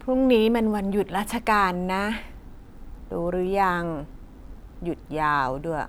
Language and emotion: Thai, frustrated